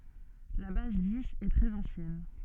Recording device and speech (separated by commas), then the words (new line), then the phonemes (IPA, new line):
soft in-ear microphone, read sentence
La base dix est très ancienne.
la baz diz ɛ tʁɛz ɑ̃sjɛn